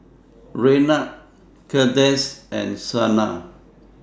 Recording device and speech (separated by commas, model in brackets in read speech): standing microphone (AKG C214), read sentence